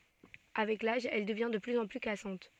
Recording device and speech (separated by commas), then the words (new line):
soft in-ear microphone, read sentence
Avec l'âge, elle devient de plus en plus cassante.